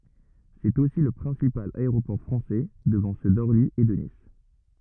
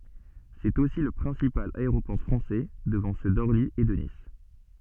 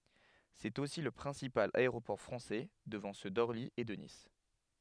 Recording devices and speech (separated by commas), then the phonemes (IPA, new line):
rigid in-ear microphone, soft in-ear microphone, headset microphone, read sentence
sɛt osi lə pʁɛ̃sipal aeʁopɔʁ fʁɑ̃sɛ dəvɑ̃ sø dɔʁli e də nis